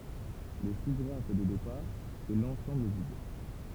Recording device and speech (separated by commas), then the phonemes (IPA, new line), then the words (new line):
temple vibration pickup, read sentence
lə su ɡʁaf də depaʁ ɛ lɑ̃sɑ̃bl vid
Le sous-graphe de départ est l'ensemble vide.